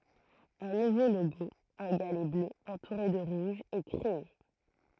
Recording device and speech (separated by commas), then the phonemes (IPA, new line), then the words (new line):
throat microphone, read sentence
œ̃ nuvo loɡo œ̃ ɡalɛ blø ɑ̃tuʁe də ʁuʒ ɛ kʁee
Un nouveau logo, un galet bleu entouré de rouge, est créé.